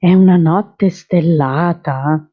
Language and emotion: Italian, surprised